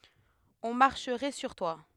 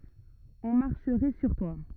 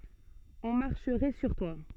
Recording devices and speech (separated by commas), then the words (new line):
headset microphone, rigid in-ear microphone, soft in-ear microphone, read sentence
On marcherait sur toi.